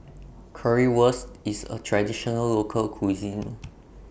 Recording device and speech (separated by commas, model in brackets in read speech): boundary microphone (BM630), read sentence